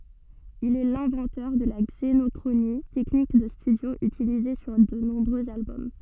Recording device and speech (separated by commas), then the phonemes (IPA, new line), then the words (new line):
soft in-ear microphone, read sentence
il ɛ lɛ̃vɑ̃tœʁ də la ɡzenɔkʁoni tɛknik də stydjo ytilize syʁ də nɔ̃bʁøz albɔm
Il est l'inventeur de la xénochronie, technique de studio utilisée sur de nombreux albums.